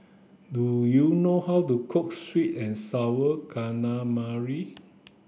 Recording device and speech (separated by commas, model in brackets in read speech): boundary microphone (BM630), read sentence